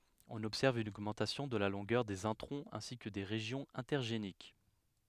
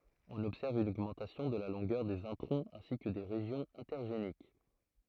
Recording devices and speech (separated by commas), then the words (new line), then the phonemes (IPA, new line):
headset microphone, throat microphone, read sentence
On observe une augmentation de la longueur des introns ainsi que des régions intergéniques.
ɔ̃n ɔbsɛʁv yn oɡmɑ̃tasjɔ̃ də la lɔ̃ɡœʁ dez ɛ̃tʁɔ̃z ɛ̃si kə de ʁeʒjɔ̃z ɛ̃tɛʁʒenik